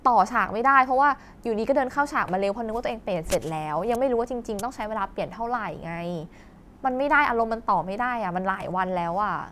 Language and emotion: Thai, frustrated